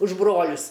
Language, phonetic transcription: Lithuanian, už ˈbrolius

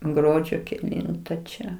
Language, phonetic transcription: Lithuanian, ˈgruodžio keˈlinta čia

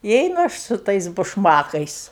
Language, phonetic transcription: Lithuanian, i ˈeinu ˈaš su ˈtais bušˈmakais

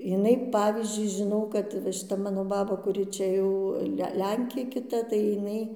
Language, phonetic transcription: Lithuanian, jiˈnai ˈpavyzdžiui žiˈnau kad va šiˈta ˈmano baˈba kuˈri čia ˈjau ˈlenkė kiˈta tai jiˈnai

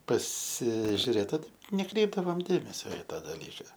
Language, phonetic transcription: Lithuanian, pasižiuˈrėt ˈot neˈkreipdavom ˈdėmesio i ˈta daˈlyka

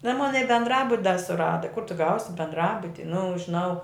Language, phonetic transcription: Lithuanian, nu ˈon ˈmon i bendˈrabut da suˈrada kur ˈtu ˈgausi bendˈrabuti nu žiˈnau

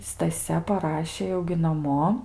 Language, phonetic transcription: Lithuanian, staˈsia paˈrašė jau gi naˈmo

